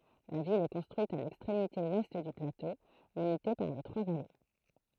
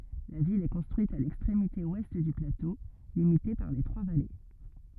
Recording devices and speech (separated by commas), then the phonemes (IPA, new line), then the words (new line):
throat microphone, rigid in-ear microphone, read sentence
la vil ɛ kɔ̃stʁyit a lɛkstʁemite wɛst dy plato limite paʁ le tʁwa vale
La ville est construite à l'extrémité ouest du plateau, limité par les trois vallées.